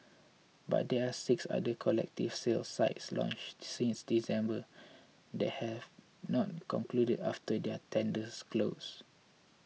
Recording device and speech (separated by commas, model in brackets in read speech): mobile phone (iPhone 6), read sentence